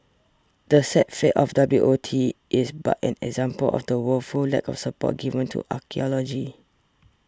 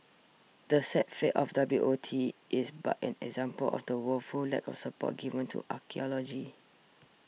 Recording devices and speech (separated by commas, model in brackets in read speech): standing microphone (AKG C214), mobile phone (iPhone 6), read sentence